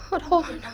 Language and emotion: Thai, sad